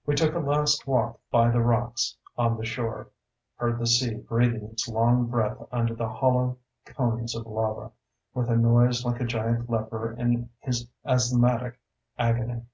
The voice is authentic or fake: authentic